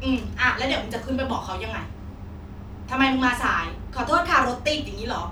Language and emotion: Thai, frustrated